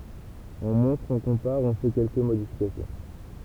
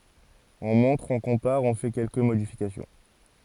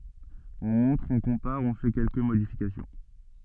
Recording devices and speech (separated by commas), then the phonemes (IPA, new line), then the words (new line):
temple vibration pickup, forehead accelerometer, soft in-ear microphone, read sentence
ɔ̃ mɔ̃tʁ ɔ̃ kɔ̃paʁ ɔ̃ fɛ kɛlkə modifikasjɔ̃
On montre, on compare, on fait quelques modifications.